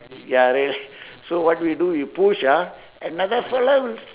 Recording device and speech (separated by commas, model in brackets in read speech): telephone, conversation in separate rooms